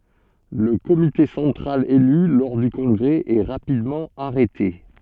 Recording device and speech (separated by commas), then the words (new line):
soft in-ear microphone, read sentence
Le comité central élu lors du congrès est rapidement arrêté.